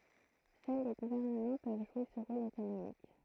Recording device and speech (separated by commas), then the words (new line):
throat microphone, read sentence
Seuls les gouvernements peuvent jouer ce rôle économique.